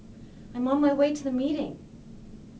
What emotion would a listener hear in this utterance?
neutral